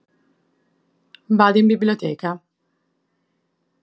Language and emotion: Italian, neutral